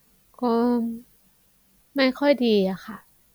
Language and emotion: Thai, frustrated